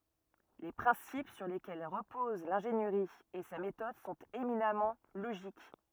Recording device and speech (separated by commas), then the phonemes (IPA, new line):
rigid in-ear microphone, read sentence
le pʁɛ̃sip syʁ lekɛl ʁəpoz lɛ̃ʒeniʁi e sa metɔd sɔ̃t eminamɑ̃ loʒik